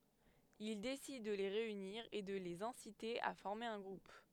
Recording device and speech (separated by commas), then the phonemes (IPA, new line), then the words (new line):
headset microphone, read sentence
il desid də le ʁeyniʁ e də lez ɛ̃site a fɔʁme œ̃ ɡʁup
Il décide de les réunir et de les inciter à former un groupe.